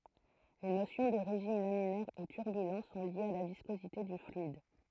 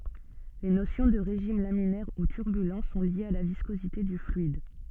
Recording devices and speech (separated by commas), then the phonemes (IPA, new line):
throat microphone, soft in-ear microphone, read sentence
le nosjɔ̃ də ʁeʒim laminɛʁ u tyʁbylɑ̃ sɔ̃ ljez a la viskozite dy flyid